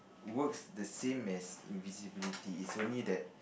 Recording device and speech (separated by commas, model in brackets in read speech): boundary microphone, conversation in the same room